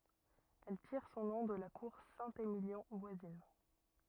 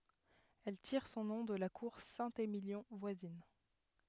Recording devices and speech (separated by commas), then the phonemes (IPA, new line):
rigid in-ear microphone, headset microphone, read sentence
ɛl tiʁ sɔ̃ nɔ̃ də la kuʁ sɛ̃temiljɔ̃ vwazin